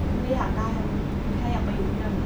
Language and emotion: Thai, frustrated